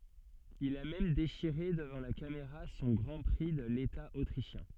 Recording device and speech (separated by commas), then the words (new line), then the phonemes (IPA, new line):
soft in-ear microphone, read sentence
Il a même déchiré devant la caméra son Grand Prix de l’État autrichien.
il a mɛm deʃiʁe dəvɑ̃ la kameʁa sɔ̃ ɡʁɑ̃ pʁi də leta otʁiʃjɛ̃